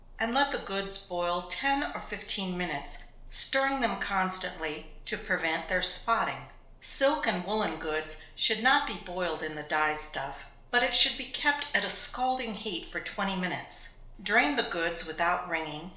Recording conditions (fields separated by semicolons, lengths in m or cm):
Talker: one person; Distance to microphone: 1.0 m; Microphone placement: close; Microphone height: 1.1 m; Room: small (3.7 m by 2.7 m); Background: none